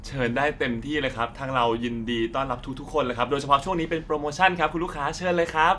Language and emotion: Thai, happy